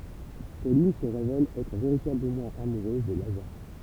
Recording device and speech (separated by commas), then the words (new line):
temple vibration pickup, read sentence
Pauline se révèle être véritablement amoureuse de Lazare.